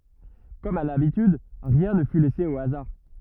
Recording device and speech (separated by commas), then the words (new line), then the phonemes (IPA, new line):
rigid in-ear microphone, read sentence
Comme à l'habitude, rien ne fut laissé au hasard.
kɔm a labityd ʁiɛ̃ nə fy lɛse o azaʁ